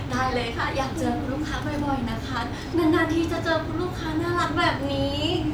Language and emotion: Thai, happy